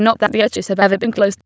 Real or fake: fake